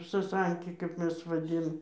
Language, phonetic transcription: Lithuanian, saˈsanki kap ˈmes vaˈdin

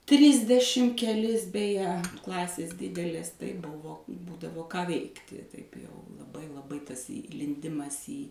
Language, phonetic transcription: Lithuanian, ˈtrisdešim keˈlis beˈje ˈklasės ˈdidelės tai ˈbuvo ˈbūdavo ką ˈveikti taip jau laˈbai laˈbai tas įlinˈdimas į

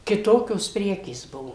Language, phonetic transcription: Lithuanian, kiˈtokios ˈprekės ˈbuvo

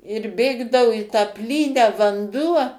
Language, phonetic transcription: Lithuanian, ir ˈbėgdavu i tą ˈplynią vanˈduo

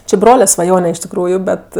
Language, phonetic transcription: Lithuanian, či ˈbrole svaˈjone iš tikˈrųju ˈbet

